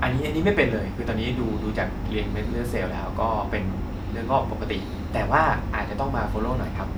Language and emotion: Thai, neutral